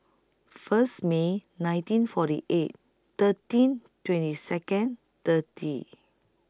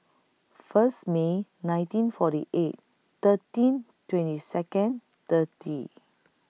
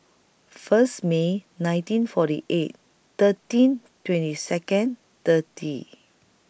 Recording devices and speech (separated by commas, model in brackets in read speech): close-talking microphone (WH20), mobile phone (iPhone 6), boundary microphone (BM630), read sentence